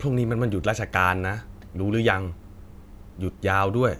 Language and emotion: Thai, neutral